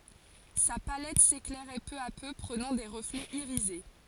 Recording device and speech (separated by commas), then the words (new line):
forehead accelerometer, read sentence
Sa palette s'éclairait peu à peu, prenant des reflets irisés.